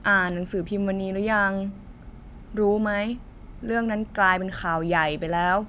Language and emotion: Thai, frustrated